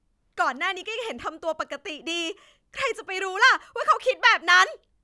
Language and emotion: Thai, angry